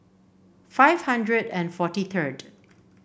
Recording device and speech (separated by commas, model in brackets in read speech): boundary microphone (BM630), read sentence